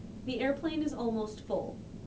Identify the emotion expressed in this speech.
neutral